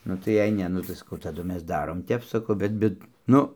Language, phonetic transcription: Lithuanian, ˈnu tai jei ˈne ˈnu tai saˈkau taˈdu ˈmes ˈdarom ˈtep saˈkau ˈbet ˈbet ˈnu

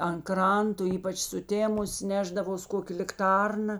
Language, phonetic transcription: Lithuanian, an ˈkranto ˈypač suˈtėmus ˈnešdavos ˈkokė likˈtarna

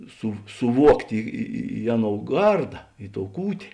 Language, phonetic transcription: Lithuanian, su suˈvuoktė i i i ˈaˌnou ˈgarda i tou ˈkūtė

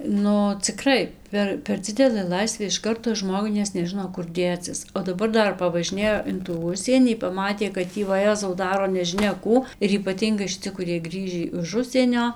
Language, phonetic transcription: Lithuanian, ˈnu ciˈkrai ˈper per ˈdzidelɘ ˈlaisvė iš ˈkarto ˈžmogui nes neˈžɨno kur ˈdėcis o daˈbar ˈdar pavažiˈnėjo in tų ˈužsienį paˈmatė kad ˈtį vaˈjezau ˈdaro nežiˈnia ˈkų ir ypaˈtyngai šiˈci kuˈriej ˈgrįžį iš ˈužsienio

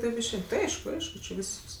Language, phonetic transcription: Lithuanian, ˈtaip išˈein ti ˈaišku ˈaišku či ˈvysks

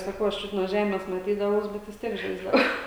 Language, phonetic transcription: Lithuanian, saˈkau aš ˈčiut nuo ˈžemės maˈtydavaus ˈbet vis ˈtiek ˈžaisdavau

